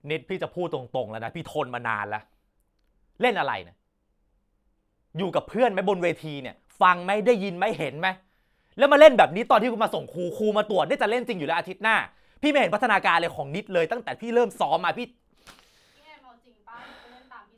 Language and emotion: Thai, angry